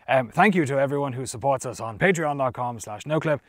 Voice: knightly voice